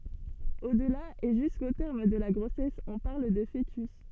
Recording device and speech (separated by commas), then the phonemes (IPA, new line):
soft in-ear microphone, read sentence
odla e ʒysko tɛʁm də la ɡʁosɛs ɔ̃ paʁl də foətys